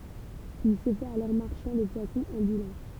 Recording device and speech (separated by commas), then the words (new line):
temple vibration pickup, read sentence
Il se fait alors marchand de poissons ambulant.